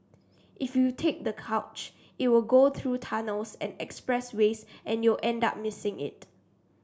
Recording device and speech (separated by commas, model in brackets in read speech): standing microphone (AKG C214), read sentence